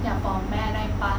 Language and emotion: Thai, neutral